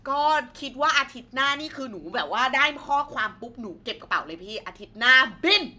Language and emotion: Thai, happy